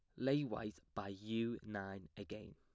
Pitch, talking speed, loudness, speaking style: 105 Hz, 155 wpm, -44 LUFS, plain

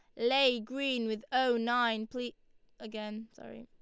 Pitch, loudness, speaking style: 240 Hz, -32 LUFS, Lombard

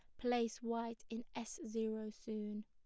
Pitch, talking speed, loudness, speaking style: 225 Hz, 145 wpm, -43 LUFS, plain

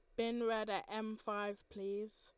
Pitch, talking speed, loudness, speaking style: 215 Hz, 180 wpm, -41 LUFS, Lombard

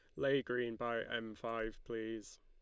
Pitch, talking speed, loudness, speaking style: 115 Hz, 165 wpm, -40 LUFS, Lombard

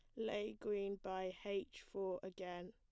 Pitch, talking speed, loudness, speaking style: 195 Hz, 145 wpm, -45 LUFS, plain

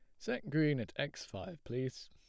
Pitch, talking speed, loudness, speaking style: 130 Hz, 190 wpm, -38 LUFS, plain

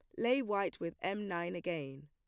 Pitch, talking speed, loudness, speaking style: 175 Hz, 195 wpm, -37 LUFS, plain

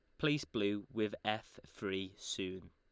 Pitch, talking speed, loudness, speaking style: 105 Hz, 145 wpm, -39 LUFS, Lombard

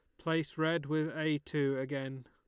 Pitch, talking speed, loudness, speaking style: 155 Hz, 175 wpm, -34 LUFS, Lombard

